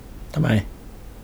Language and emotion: Thai, frustrated